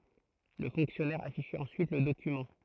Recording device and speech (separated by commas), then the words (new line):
throat microphone, read sentence
Le fonctionnaire affichait ensuite le document.